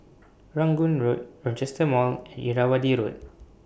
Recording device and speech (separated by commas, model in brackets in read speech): boundary microphone (BM630), read sentence